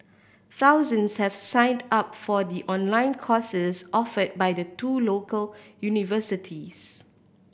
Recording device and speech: boundary microphone (BM630), read sentence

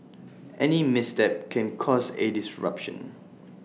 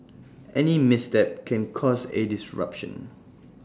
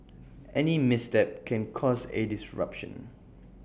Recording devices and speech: mobile phone (iPhone 6), standing microphone (AKG C214), boundary microphone (BM630), read sentence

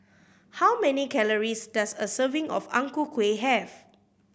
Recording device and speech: boundary microphone (BM630), read sentence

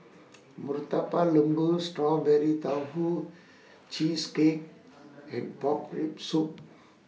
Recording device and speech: mobile phone (iPhone 6), read sentence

